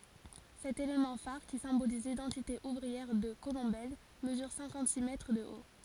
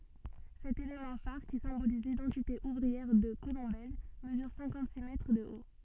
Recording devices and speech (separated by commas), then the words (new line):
forehead accelerometer, soft in-ear microphone, read sentence
Cet élément phare, qui symbolise l'identité ouvrière de Colombelles, mesure cinquante-six mètres de haut.